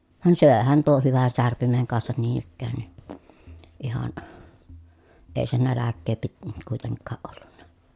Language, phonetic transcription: Finnish, van sö̀ehän tuoh hyvän särpimeŋ kansan niin ‿ikkään ni , ihan , èi se näläkkee pit- , kùiteŋkkaaʼ ʼollunna .
- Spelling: vaan söihän tuon hyvän särpimen kanssa niin ikään niin ihan ei se nälkää - kuitenkaan ollut

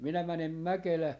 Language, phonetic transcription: Finnish, 'minä 'mänem "Mäkelää .
- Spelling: minä menen Mäkelään

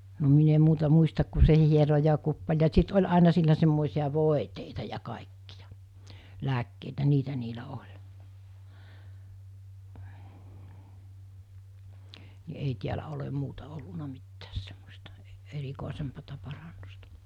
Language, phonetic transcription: Finnish, no min ‿em 'muuta 'muistak ku se hiero ja kuppaᵉl ja sit 'oĺ àina sillä semmòisiʲa 'vòeteita ja 'kàekkijᴀ , 'lääkkeitä 'niitä niilä 'oĺ , ni ’ei 'tiälä olem 'muuta olluna 'mittääs semmosta , ɛ- 'erikòisempata parannusta .
- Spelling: no minä en muuta muista kuin se hieroi ja kuppaili ja sitten oli aina sillä semmoisia voiteita ja kaikkia lääkkeitä niitä niillä oli niin ei täällä ole muuta ollut mitään semmoista - erikoisempaa parannusta

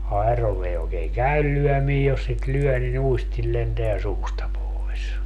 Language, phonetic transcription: Finnish, 'aeroll ‿ei ookeeŋ "käyl 'lyɔ̈̀mii jos sit 'lyɔ̈̀ nin 'uistil lenteä 'suusta poes .
- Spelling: airolla ei oikein käy lyöminen jos sitä lyö niin uistin lentää suusta pois

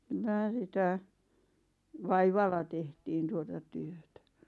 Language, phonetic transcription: Finnish, kyl̆lä̀ sitä , "vaivalla 'tehtiin tuota 'työtä .
- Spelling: kyllä sitä vaivalla tehtiin tuota työtä

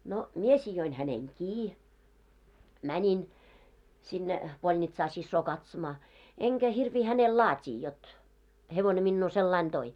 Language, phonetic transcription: Finnish, no , 'mie sijoin häneŋ "kii , 'mäńin , sinne , 'polnitsaa 'sissoo katsomaa , 'eŋkä hirvii hänel "laat́ii jot , 'hevone minnuu sellain 'toi .
- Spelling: no minä sidoin hänen kiinni menin sinne polnitsaan siskoa katsomaan enkä hirviä hänelle laatia jotta hevonen minua sillä lailla toi

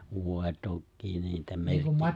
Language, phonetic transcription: Finnish, 'vòe 'tokkii niitä 'merkki-
- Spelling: voi tokiin niitä -

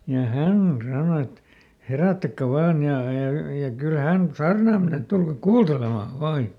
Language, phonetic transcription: Finnish, ja "hän ˈsàno et » ˈherä̀ttäkkä ˈvaan ja , ja ja kyl ˈhän "saarnàm mene » et » ˈtulkak "kuultelemà "vaa » ja ,.
- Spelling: ja hän sanoi että herättäkää vain ja ja ja kyllä hän saarnaamaan menee että tulkaa kuuntelemaan vain ja

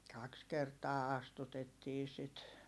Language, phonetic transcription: Finnish, kaks kertaa astutettii sit .
- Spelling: kaksi kertaa astutettiin sitä

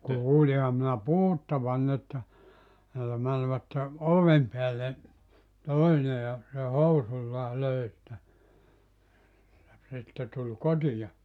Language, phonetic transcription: Finnish, 'kuuliham minä "puhuttavan että , (siellä) mänvätte , "'ovem peälle , 'toine ja , se "housuĺĺaa 'löi sⁱtä , (ja) 'sitte tul "kotija .
- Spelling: kuulinhan minä puhuttavan että siellä menivät oven päälle toinen ja se housuillaan löi sitä ja sitten tuli kotiin

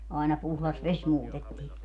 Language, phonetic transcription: Finnish, aina 'puhlas "ves 'muutettii .
- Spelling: aina puhdas vesi muutettiin

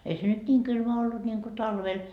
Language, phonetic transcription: Finnish, 'ei se nyt 'ńiiŋ 'kylmä ollut ńiŋko 'talvel .
- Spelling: ei se nyt niin kylmä ollut niin kuin talvella

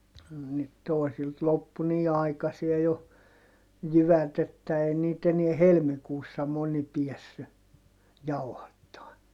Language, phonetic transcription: Finnish, (no nyt) tòi̮silt loppu nii aikasie jo , jyvät ‿että ei niit ‿eniɛ helmikuussa moni piɛssy , jauhattaan .
- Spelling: no nyt toisilta loppui niin aikaiseen jo jyvät että ei niitä enää helmikuussa moni päässyt jauhattamaan

